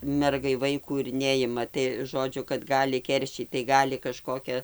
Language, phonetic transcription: Lithuanian, ˈmergai ˈvaikų ir ˈneima tai ˈžodžiu kad ˈgali ˈkeršyt tai ˈgali kaˈžkokia

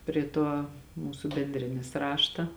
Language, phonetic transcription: Lithuanian, ˈpri tuo ˈmūsu benˈdrėnis ˈrašta

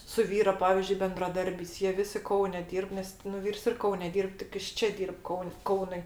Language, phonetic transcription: Lithuanian, su ˈvyro ˈpavyzdžiui bendraˈdarbiais jie ˈvisi ˈkaune ˈdyrb ˈnes nu ˈvyrs ir ˈkaune ˈdyrb tik ˈjis ˈčia ˈdyrb ˈkaun' ˈkaunui

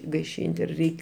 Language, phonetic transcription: Lithuanian, gaiˈšynt' ir ˈreik'

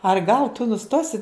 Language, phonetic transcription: Lithuanian, ar gal tu nuˈstosi

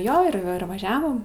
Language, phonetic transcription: Lithuanian, ˈjo ir ˈir vaˈžiavom

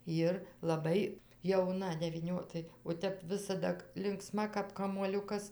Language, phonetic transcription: Lithuanian, ˈjir laˈbai jauˈna devyˈnio ˈtai o ˈtep ˈvisada linkˈsma kap kamuoˈliukas

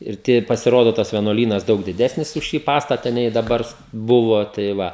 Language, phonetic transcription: Lithuanian, ir ˈtie pasiˈrodo tas vieˈnuolynas ˈdaug diˈdesnis už ˈšį ˈpastata nei daˈbar ˈbuvo tai ˈva

